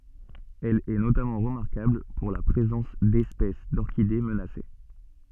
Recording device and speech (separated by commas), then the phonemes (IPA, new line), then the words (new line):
soft in-ear microphone, read sentence
ɛl ɛ notamɑ̃ ʁəmaʁkabl puʁ la pʁezɑ̃s dɛspɛs dɔʁkide mənase
Elle est notamment remarquable pour la présence d'espèces d'orchidées menacées.